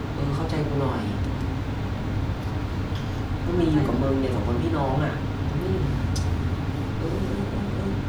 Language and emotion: Thai, frustrated